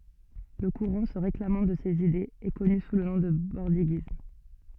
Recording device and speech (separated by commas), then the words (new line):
soft in-ear microphone, read sentence
Le courant se réclamant de ses idées est connu sous le nom de bordiguisme.